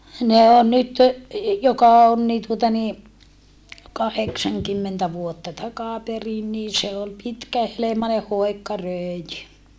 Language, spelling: Finnish, ne on nyt joka on niin tuota niin kahdeksankymmentä vuotta takaperin niin se oli pitkähelmainen hoikka röijy
- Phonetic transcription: ne on nyt , joka on nii tuota nii , kaheksaŋkymmentä vuotta takàperin nii se ol pitkähelemane hòi̮kka rö̀i̮jy .

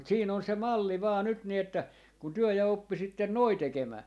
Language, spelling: Finnish, mutta siinä on se malli vain nyt niin että kun te ja oppisitte noin tekemään
- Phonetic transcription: mut 'siin ‿on se 'malli vaa 'nyt ni että , kun 'työ 'ja 'oppisitten "noi 'tekemää .

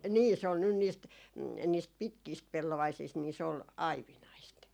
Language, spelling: Finnish, niin se on nyt niistä niistä pitkistä pellovaisista niin se oli aivinaista
- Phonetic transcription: "nii se on nyn niist , 'niist "pitkiist 'pellovaisiist ni se ol , "aivinaist .

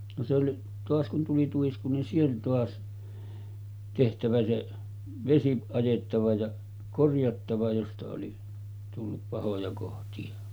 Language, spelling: Finnish, no se oli taas kun tuli tuisku niin se oli taas tehtävä se vesi ajettava ja korjattava josta oli tullut pahoja kohtia
- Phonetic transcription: no se oli , 'toas kun tuli 'tuisku ni se oli 'toas , tehtävä se , 'vesi 'ajettava ja , 'korjattava josta oli , tullup 'pahoja kohti₍a .

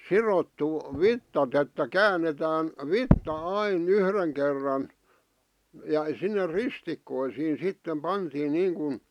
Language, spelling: Finnish, sidottu vitsat että käännetään vitsa aina yhden kerran ja sinne ristikkoisiin sitten pantiin niin kuin
- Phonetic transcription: sirottu , "vittat että "käännetään , "vitta "ai"n ‿yhreŋ kerran , ja sinne "ristikkoisiin̬ 'sittem 'pantiin 'niiŋkun .,

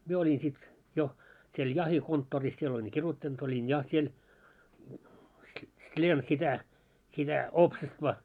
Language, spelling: Finnish, minä olin sitten jo siellä jahtikonttorissa siellä olin kirjoittanut olin ja siellä sliem sitä sitä oopsestva
- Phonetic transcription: 'mie oĺin sit , jo , siel 'jahikonttooris siel oĺiŋ 'kiruttant ‿oĺin 'ja siel , 'sĺiem sitä , sitä 'oopsestva .

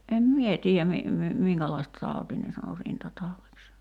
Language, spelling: Finnish, en minä tiedä - - minkälaista tautia ne sanoi rintataudiksi
- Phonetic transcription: ’em "mie tii₍ä mi- , mi- , 'miŋkälaist(a) 'tautii ne sano 'rintatauviks .

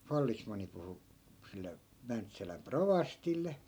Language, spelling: Finnish, vallesmanni puhui sille Mäntsälän rovastille
- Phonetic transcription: 'fallisman̆ni puhu , sille , 'mäntsäläm "provastille .

